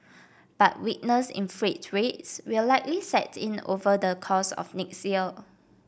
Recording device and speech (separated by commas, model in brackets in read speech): boundary microphone (BM630), read sentence